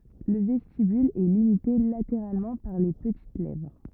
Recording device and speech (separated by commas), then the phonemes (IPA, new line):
rigid in-ear microphone, read sentence
lə vɛstibyl ɛ limite lateʁalmɑ̃ paʁ le pətit lɛvʁ